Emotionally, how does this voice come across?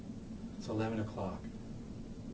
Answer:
neutral